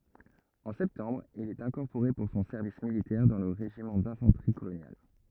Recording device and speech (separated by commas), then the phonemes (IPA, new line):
rigid in-ear microphone, read sentence
ɑ̃ sɛptɑ̃bʁ il ɛt ɛ̃kɔʁpoʁe puʁ sɔ̃ sɛʁvis militɛʁ dɑ̃ lə ʁeʒimɑ̃ dɛ̃fɑ̃tʁi kolonjal